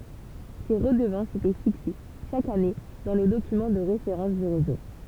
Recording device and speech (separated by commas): temple vibration pickup, read sentence